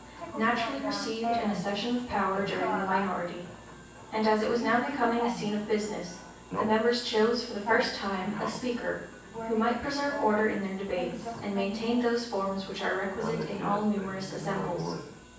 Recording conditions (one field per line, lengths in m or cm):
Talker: one person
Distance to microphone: 9.8 m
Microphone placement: far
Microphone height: 1.8 m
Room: large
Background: television